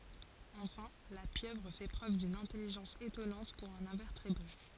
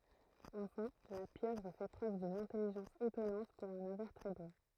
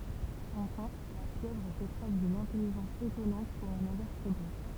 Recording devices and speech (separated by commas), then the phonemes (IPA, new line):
forehead accelerometer, throat microphone, temple vibration pickup, read sentence
ɑ̃fɛ̃ la pjøvʁ fɛ pʁøv dyn ɛ̃tɛliʒɑ̃s etɔnɑ̃t puʁ œ̃n ɛ̃vɛʁtebʁe